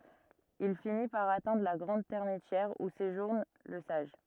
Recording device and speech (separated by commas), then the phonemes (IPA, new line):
rigid in-ear microphone, read sentence
il fini paʁ atɛ̃dʁ la ɡʁɑ̃d tɛʁmitjɛʁ u seʒuʁn lə saʒ